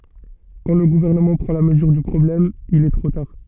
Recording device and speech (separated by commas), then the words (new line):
soft in-ear microphone, read sentence
Quand le gouvernement prend la mesure du problème, il est trop tard.